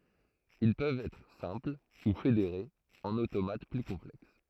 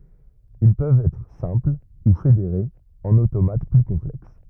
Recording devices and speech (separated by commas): throat microphone, rigid in-ear microphone, read sentence